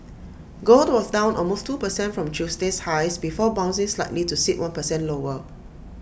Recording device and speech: boundary microphone (BM630), read sentence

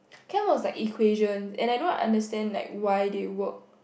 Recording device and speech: boundary microphone, conversation in the same room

